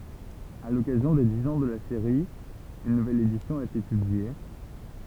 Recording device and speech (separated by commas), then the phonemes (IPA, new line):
temple vibration pickup, read sentence
a lɔkazjɔ̃ de diz ɑ̃ də la seʁi yn nuvɛl edisjɔ̃ a ete pyblie